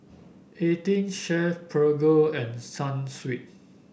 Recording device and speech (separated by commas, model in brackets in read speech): boundary microphone (BM630), read sentence